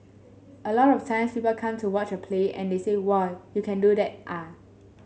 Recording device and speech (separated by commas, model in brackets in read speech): mobile phone (Samsung S8), read sentence